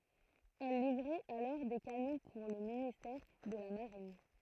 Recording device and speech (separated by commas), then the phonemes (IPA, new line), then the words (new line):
throat microphone, read sentence
ɛl livʁɛt alɔʁ de kanɔ̃ puʁ lə ministɛʁ də la maʁin
Elle livrait alors des canons pour le ministère de la Marine.